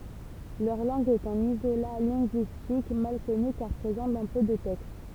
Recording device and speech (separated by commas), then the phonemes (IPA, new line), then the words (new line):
temple vibration pickup, read sentence
lœʁ lɑ̃ɡ ɛt œ̃n izola lɛ̃ɡyistik mal kɔny kaʁ pʁezɑ̃ dɑ̃ pø də tɛkst
Leur langue est un isolat linguistique mal connu car présent dans peu de textes.